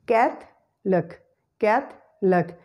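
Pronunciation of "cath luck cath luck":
In 'Catholic', the schwa sound is dropped and is not pronounced, so the word is said as 'cath-luck'.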